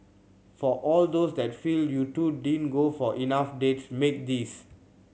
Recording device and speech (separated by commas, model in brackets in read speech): mobile phone (Samsung C7100), read sentence